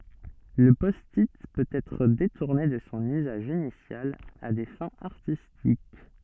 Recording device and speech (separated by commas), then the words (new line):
soft in-ear microphone, read sentence
Le Post-it peut être détourné de son usage initial à des fins artistiques.